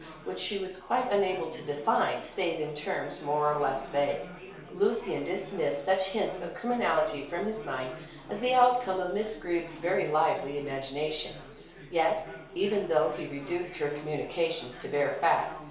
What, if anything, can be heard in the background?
Crowd babble.